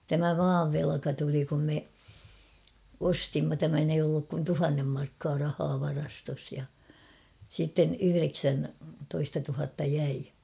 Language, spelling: Finnish, tämä maan velka tuli kun me ostimme tämän ei ollut kuin tuhannen markkaa rahaa varastossa ja sitten yhdeksäntoista tuhatta jäi
- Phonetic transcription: 'tämä "maav 'velᵃka tuli kum me , "ostimma tämän ‿eij ‿olluk kun "tuhannem markkaa 'rahaa 'varastos ja , sitten 'yhyreksän-,-toista tuhatta 'jäi .

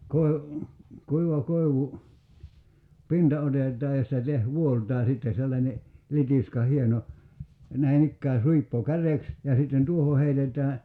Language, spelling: Finnish, - kuiva koivu pinta otetaan ja sitä - vuollaaa sitten sellainen litiska hieno näin ikään suippo kärjeksi ja sitten tuohon heitetään
- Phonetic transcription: koi̬- , 'kuiva 'koivu , "pinta 'otet̀aa ja sⁱtä 'teh- , 'vuolt̀aa 'sitte sellańe , 'litiska 'hieno , 'näi "ikkää 'suippo "käreks ja sitten 'tuoho heitet̀ää ,.

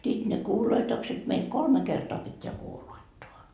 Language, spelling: Finnish, sitten ne kuuloitukset meillä kolme kertaa pitää kuuloittaa
- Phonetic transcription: sit ne 'kuuloitokset meil "kolme 'kertoa pit́t́eä 'kuuloittoa .

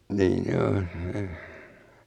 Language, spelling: Finnish, niin on
- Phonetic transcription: 'niin ‿o .

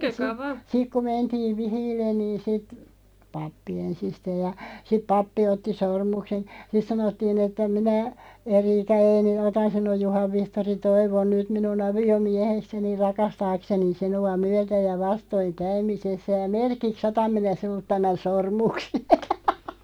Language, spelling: Finnish, - sitten kun mentiin vihille niin sitten pappi ensisteen ja sitten pappi otti sormuksen sitten sanottiin että minä Erika Eeni otan sinun Juhan Vihtori Toivon nyt minun aviomiehekseni rakastaakseni sinua myötä- ja vastoinkäymisessä ja merkiksi otan minä sinulta tämän sormuksen
- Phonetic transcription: si- , 'sik ku 'mentiiᵛ "vihiillen niin sit , 'pappi "ensisteeʲ ja , sip 'pappi 'otti "sormuksen̬ , sit 'sanottiin ‿että » 'minä , 'Eriika ('Eeni) "otan 'sinuʲ 'Juhav 'Vihtori "Toivon 'nyt 'minu'n ‿avi₍o"miähekseni 'rakastaakseni 'sinu₍a 'myätä- ja 'vastoiŋ'käymisessä ja "merkik's ‿otam minä 'sinult tämän "sormukse « .

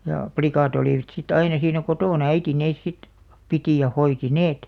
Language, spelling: Finnish, ja likat olivat sitten aina siinä kotona äiti ne sitten piti ja hoiti ne
- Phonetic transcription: ja , "plikàt ‿olìvᵃt si't ‿aina siinä "kotòna 'äiti nees sit , 'pitì ja 'hoiti "neet .

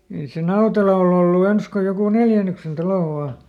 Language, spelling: Finnish, ei se Nautela ole ollut ensin kuin joku neljännyksen talo vain
- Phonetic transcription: ei se "Nautela ol ‿ollu ˈens ko jokù ˈneljänyksen ˈtalo vaa .

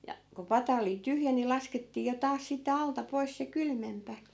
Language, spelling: Finnish, ja kun pata oli tyhjä niin laskettiin jo taas sitten alta pois se kylmempi
- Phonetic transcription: ja , ku 'pata oli 'tyhjä ni 'laskettii jo 'taas sitte 'alta 'pois se "kylmempä .

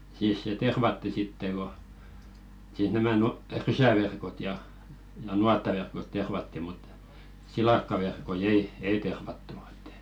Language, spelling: Finnish, siis se tervattiin sitten kun siis nämä - rysäverkot ja ja nuottaverkot tervattiin mutta silakkaverkkoja ei ei tervattu että
- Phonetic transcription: siis se "tervatti 'sitte ko , siis 'nämä nutaⁱ "rysäverkot ja , ja "nuattaverkot 'tervatti mut , 'silakkaverkoi 'ei , "ei tervattu ᴇttᴀ̈ .

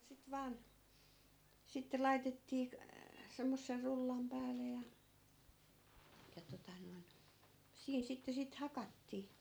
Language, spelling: Finnish, sitten vain sitten laitettiin - semmoisen rullan päälle ja ja tuota noin siinä sitten sitten hakattiin
- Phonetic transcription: sit 'vaan , sitte "laitettii k- , 'semmosser 'rullam pääle ja , ja tota noin , 'siin 'sitte sit "hakattii .

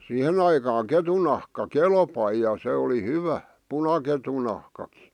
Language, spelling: Finnish, siihen aikaan ketun nahka kelpasi ja se oli hyvä punaketun nahkakin
- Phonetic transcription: sihe'n ‿aikaaŋ 'ketun nahka "kelpai ja se oli 'hyvä , 'punaketu nahkakɪ .

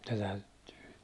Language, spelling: Finnish, se täytyy
- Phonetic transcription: se täyttyy ,.

